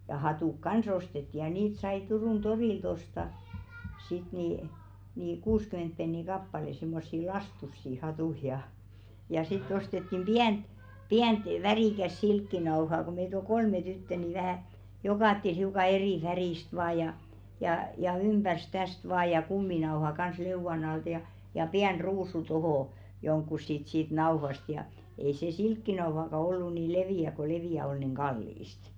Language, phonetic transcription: Finnish, jà , ja 'hatùk "kans ‿ostetti ja niit sai 'Turùn "ᴅorìlt osta , sit nì , nì "kuuskyment 'penni "kappale simmossi "lastussi 'hatù ja , ja 'sitt ‿ostettim "ʙiänᵗ , 'piänt 'värìkäs "silkkinao̭haa ko meit ‿ol "kolme 'tyttə ni vähä̀ , 'jokàttel hiuka 'erì 'färìst vaaj ja , jà ja "ymʙärs 'täst vaa ja 'kumminaoha kans 'leuvan ‿altᵃ ja , ja 'piän "ruusu 'tohò , joŋkkus sit siit 'nao̭hast ja , ei se "silkkinao̭haka ollu ni 'levì₍ä ko 'levì₍ä ol nìŋ 'ɢallìst .
- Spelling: ja ja hatut kanssa ostettiin ja niitä sai Turun torilta ostaa sitten niin niin kuusikymmentä penniä kappale semmoisia lastuisia hattuja ja ja sitten ostettiin pientä pientä värikästä silkkinauhaa kun meitä oli kolme tyttöä niin vähän jokaiselle hiukan eri väristä vain ja ja ja ympäri tästä vain ja kuminauhan kanssa leuan alta ja ja pieni ruusu tuohon johonkin sitten siitä nauhasta ja ei se silkkinauhaakaan ollut niin leveä kun leveä oli niin kallista

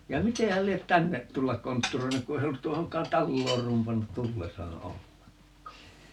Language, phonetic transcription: Finnish, ja "mite häl 'liet "tännet 'tullak 'kontturoinuk 'ku se ei 'ollut 'tuohoŋk̆kaan "talloor 'rumpannut 'tullesaa "olleŋk̆kaa .
- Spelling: ja miten hän lie tänne tulla kontturoinut kun se ei ollut tuohonkaan taloon rumpannut tullessaan ollenkaan

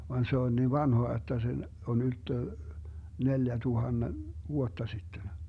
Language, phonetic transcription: Finnish, van 'se on 'niiv "vanhoa jotta se , 'on 'ylttö , 'neljätuhanne , 'vuotta sitten .
- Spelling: vaan se on niin vanhaa jotta se on ylttö neljäntuhannen vuotta sitten

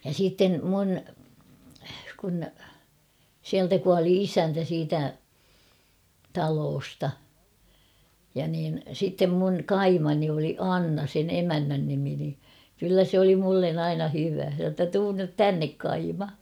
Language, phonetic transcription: Finnish, ja 'siitten̳ 'mun , kun , 'siältä kuali "isäntä siitä , 'taloosta , ja niin 'sittem mun̳ "kaimani oli "Anna sen 'emännän nimi ni , 'kyllä sᵉ ‿oli "mullen ‿'aina hyvä ; se sa ‿tta » 'tuun nyt "tännek 'kaima ! «
- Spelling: ja sitten minun kun sieltä kuoli isäntä siitä talosta ja niin sitten minun kaimani oli Anna sen emännän nimi niin kyllä se oli minulle aina hyvä se sanoi jotta tule nyt tänne kaima

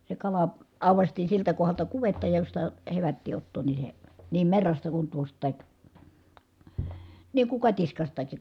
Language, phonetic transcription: Finnish, se kala , àuvastii siltä kohalta kuvetta josta , hevättii ottoon ni se , niim merrasta kun tuost̆tàik , niiŋ kuŋ katiskastaki .
- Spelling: se kala aukaistiin siltä kohdalta kuvetta josta hevättiin ottaa niin se niin merrasta kuin tuostakin niin kuin katiskastakin

